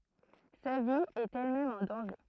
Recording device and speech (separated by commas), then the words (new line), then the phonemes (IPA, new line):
throat microphone, read sentence
Sa vie est elle-même en danger.
sa vi ɛt ɛlmɛm ɑ̃ dɑ̃ʒe